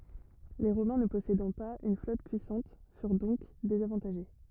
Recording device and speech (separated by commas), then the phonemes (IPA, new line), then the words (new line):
rigid in-ear microphone, read sentence
le ʁomɛ̃ nə pɔsedɑ̃ paz yn flɔt pyisɑ̃t fyʁ dɔ̃k dezavɑ̃taʒe
Les Romains ne possédant pas une flotte puissante furent donc désavantagés.